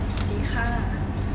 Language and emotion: Thai, neutral